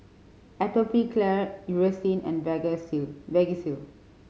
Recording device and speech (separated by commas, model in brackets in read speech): mobile phone (Samsung C5010), read sentence